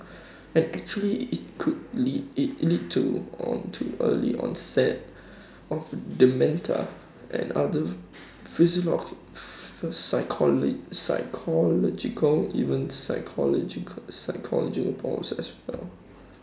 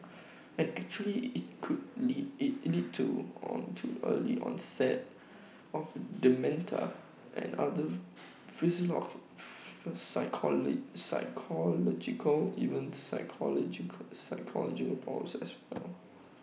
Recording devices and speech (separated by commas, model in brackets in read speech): standing microphone (AKG C214), mobile phone (iPhone 6), read sentence